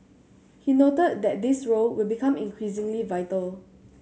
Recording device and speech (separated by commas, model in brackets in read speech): mobile phone (Samsung C7100), read sentence